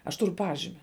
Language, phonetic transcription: Lithuanian, aš ˈturu ˈpažimi

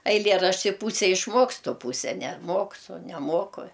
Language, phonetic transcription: Lithuanian, aiˈlėrašti ˈpūse išˈmokstu ˈpūse neˈmoksu neˈmoku

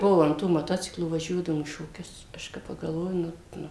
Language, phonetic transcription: Lithuanian, ˈbuo an ˈtų moˈtociklų vaˈžiuodavom į šoˈkius ˈaš kai pagalˈvoju ˈnu ˈnu

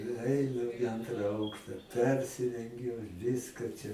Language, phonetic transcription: Lithuanian, i ˈainu iˈantra ˈaukšta ˈpersirengiu ˈviska čia

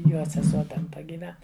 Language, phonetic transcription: Lithuanian, ˈjo seˈsuo ten ˈta gyˈven

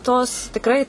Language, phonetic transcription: Lithuanian, tos tikˈrai

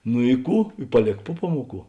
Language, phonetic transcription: Lithuanian, nu i ˈkų i paˈlėk ˈpu ˈpamuoˌkų

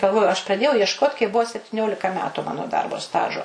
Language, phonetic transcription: Lithuanian, galˈvoju aš praˈdėjau iešˈkot kaip ˈbuvo septiˈniolika ˈmetu ˈmano ˈdarbo ˈstažo

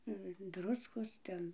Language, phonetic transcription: Lithuanian, i ˈdruskos ˈten

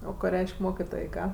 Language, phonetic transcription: Lithuanian, ˈo ko ˈreiš'k' ˈmokitoj ˈką

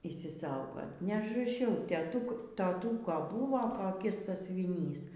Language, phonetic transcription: Lithuanian, išsiˈsaugot neažraˈšiau teˈtuk toˈtūko ˈbūvo koˈkis sąsiuviˈnys

